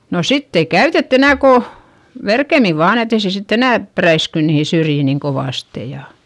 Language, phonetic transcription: Finnish, no sitt ‿ei käytett ‿enä̀ ko , verkemi vaan ‿et ‿ei se sitt ‿enä̀ , präisky niihi syrjì niŋ kovàste ja ,.
- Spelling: no sitten ei käytetty enää kuin verkemmin vain että ei se sitten enää räisky niihin syrjiin niin kovasti ja

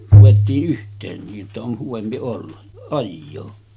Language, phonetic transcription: Finnish, ruvettii’ ’yht̆teen nii’ ’että on 'huvempi olla , 'ajjoo .
- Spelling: ruvettiin yhteen niin että on hyvempi olla ajaa

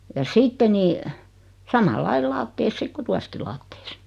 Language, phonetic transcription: Finnish, ja 'sitte ni , 'samal'lail "laattees 'sik ku 'tuaski laattees .
- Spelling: ja sitten niin samalla lailla lattiassa sitten kun tuossakin lattiassa

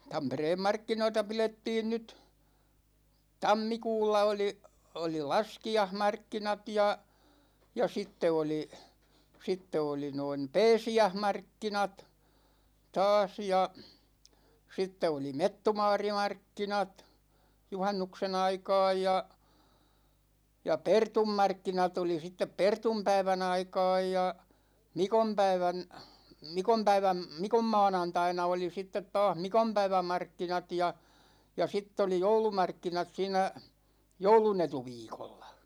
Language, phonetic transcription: Finnish, 'Tampereem "markkinoita 'pilettiin nyt , "tammikuulla oli , 'oli "laski₍ahmarkkinat ja , ja 'sitte 'oli , 'sitte oli noin̬ , "pɛɛsi₍äh'markkinat , 'taas ja , 'sitte oli "mettumaari'markkinat , 'juhannukse'n ‿aika̭a̭j ja , ja "pertummarkkinat ‿oli sittep 'pertumpäivä'n ‿aika̭a̭j ja , "mikompäivän , 'mikompäiväm , "mikomma̭a̭nantaina oli 'sittet taah "mikompäivä'markkinat ja , ja 'sitt ‿oli "joulumarkkinat 'siinä , "joulunetu'viikollA .
- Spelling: Tampereen markkinoita pidettiin nyt - oli oli laskiaismarkkinat ja ja sitten oli sitten oli noin pääsiäismarkkinat taas ja sitten oli mettumaarimarkkinat juhannuksen aikaan ja ja pertunmarkkinat oli sitten pertunpäivän aikaan ja mikonpäivän mikonpäivän mikonmaanantaina oli sitten taas mikonpäivämarkkinat ja ja sitten oli joulumarkkinat siinä joulunetuviikolla

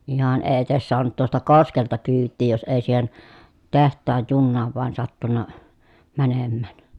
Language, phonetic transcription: Finnish, ihan ee etes soanut tuosta koskelta kyyttii jos èi siihen , teht̆taaj junnaav vᵘan sattunna , mänemmä̀n .
- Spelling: ihan ei edes saanut tuosta koskelta kyytiä jos ei siihen tehtaan junaan vain sattunut menemään

